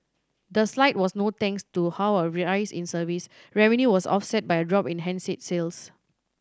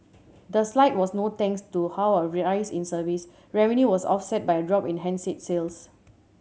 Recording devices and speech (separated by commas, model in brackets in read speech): standing microphone (AKG C214), mobile phone (Samsung C7100), read sentence